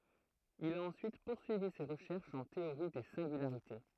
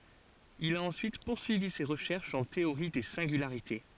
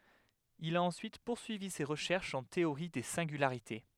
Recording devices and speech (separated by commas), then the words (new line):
throat microphone, forehead accelerometer, headset microphone, read sentence
Il a ensuite poursuivi ses recherches en théorie des singularités.